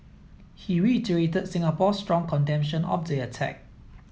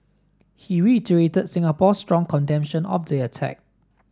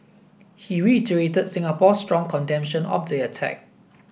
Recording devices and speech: mobile phone (iPhone 7), standing microphone (AKG C214), boundary microphone (BM630), read sentence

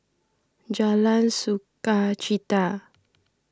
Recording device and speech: standing microphone (AKG C214), read sentence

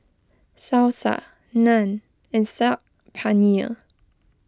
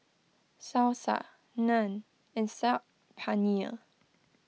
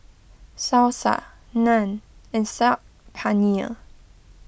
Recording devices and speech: close-talking microphone (WH20), mobile phone (iPhone 6), boundary microphone (BM630), read sentence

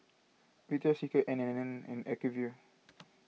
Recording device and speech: mobile phone (iPhone 6), read sentence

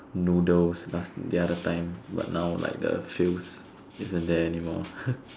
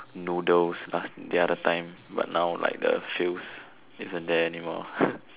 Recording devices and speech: standing microphone, telephone, conversation in separate rooms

